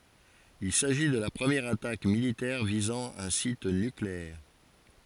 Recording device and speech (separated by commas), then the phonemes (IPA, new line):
forehead accelerometer, read sentence
il saʒi də la pʁəmjɛʁ atak militɛʁ vizɑ̃ œ̃ sit nykleɛʁ